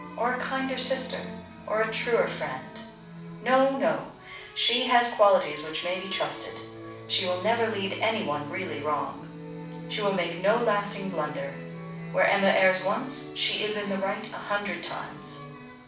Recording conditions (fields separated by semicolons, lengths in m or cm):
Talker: one person; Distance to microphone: 5.8 m; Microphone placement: far; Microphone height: 1.8 m; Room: medium-sized (5.7 m by 4.0 m); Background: music